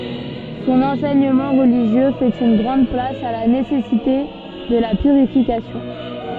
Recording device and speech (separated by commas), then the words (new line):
soft in-ear microphone, read sentence
Son enseignement religieux fait une grande place à la nécessité de la purification.